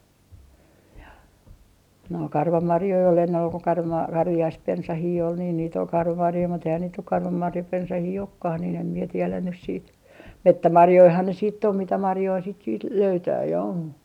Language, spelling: Finnish, no karvamarjoja oli ennen oli kun - karviaispensaita oli niin niitä oli karvamarjoja mutta eihän niitä nyt karvamarjapensaita olekaan niin en minä tiedä nyt sitten metsämarjojahan ne sitten on mitä marjoja sitten sitten löytää ja on
- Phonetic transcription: no "karvamarjoi ol ennen ol ko karva- , 'karvi₍aispensahii ol niin niit ‿ol 'karvamarjoi mut ‿eihän niit nyk 'karvamarjapensahii "okkah niin ‿em mie 'tielän nys siit , "mettämarjoihan ne siit't ‿om 'mitä 'marjoi sit siit 'löytää ja on .

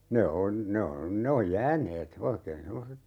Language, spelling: Finnish, ne on ne on ne on jääneet oikein semmoiset
- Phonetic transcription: 'ne on , 'ne on 'ne oj "jääneet , "oikeen 'semmoset ,.

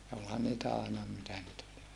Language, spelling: Finnish, ja olihan niitä aina mitä niitä oli
- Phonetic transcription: ja olhan niitä àena , mitä niit ‿ol .

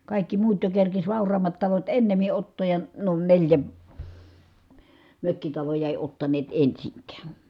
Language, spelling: Finnish, kaikki muut jo kerkesi vauraammat talot ennemmin ottaa ja nuo neljä mökkitaloa ei ottaneet ensinkään
- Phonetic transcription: kàikki muut jo kerkis vàur̀aammat talot ennemi ʼottooj ja , nuo neĺjä , mökkitaloja èi ottaneet ensiŋkään .

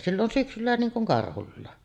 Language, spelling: Finnish, sillä on syksyllä niin kuin karhulla
- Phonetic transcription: sill ‿on "syksyllä niiŋ kuŋ 'karhullàe .

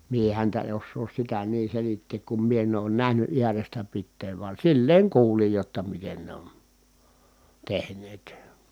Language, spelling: Finnish, minä häntä en osaa sitä niin selittää kun minä en ole nähnyt äärestä pitäen vaan silleen kuulin jotta miten ne on tehneet
- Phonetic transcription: mie häntä en̬ ossoos sitä nii selitteek kum mie en ‿oon nähny ʼiärestä pitteev van̬ silleeŋ kuulij jotta miten ne on , tehǹeet .

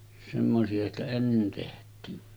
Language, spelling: Finnish, semmoisia sitä ennen tehtiin
- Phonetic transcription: semmosi₍a sitä 'ennen teht̀iin .

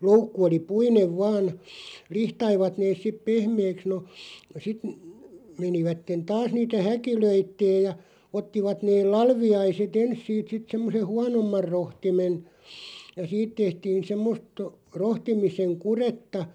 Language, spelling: Finnish, loukku oli puinen vain lihtasivat ne sitten pehmeäksi no sitten menivät taas niitä häkilöimään ja ottivat ne latviaiset ensin siitä sitten semmoisen huonomman rohtimen ja siitä tehtiin semmoista rohtimisen kudetta
- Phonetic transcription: 'loukku oli "puinev "vaan , 'lihtaivat neeˢ sip "pehmeeks no , sit , 'menivätten "taas niitä "häkilöitteej ja , 'ottivat neel "lalvi₍aise"t ‿ens siit sit 'semmoseʰ "huanommar 'rohtimen , ja 'siit tehtiin 'semmost , 'rohtimiseŋ "kuretta ,.

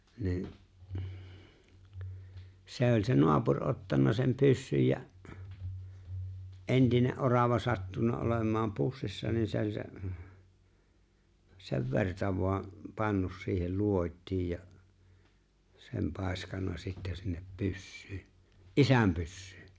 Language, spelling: Finnish, niin se oli se naapuri ottanut sen pyssyn ja entinen orava sattunut olemaan pussissa niin se oli se sen verta vain pannut siihen luodin ja sen paiskannut sitten sinne pyssyyn isän pyssyyn
- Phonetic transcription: ni̬n , 'sè ‿oĺ se 'noapur '’ottanna sem 'pyssyj ja , '’entine’ '’orava sattunna '’olem̀aam 'pussissa nin se ‿o͕ĺ se , sev 've̬rta vo̭a , 'pannus siihel 'luot́̀ij ja , 'sem 'pàeskanna sittä sinnep 'pyssyy , "’isäm 'pyssʏʏ .

